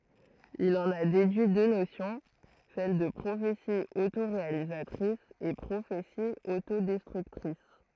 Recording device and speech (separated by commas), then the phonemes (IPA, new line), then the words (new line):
throat microphone, read sentence
il ɑ̃n a dedyi dø nosjɔ̃ sɛl də pʁofeti otoʁealizatʁis e pʁofeti otodɛstʁyktʁis
Il en a déduit deux notions, celles de prophétie autoréalisatrice et prophétie autodestructrice.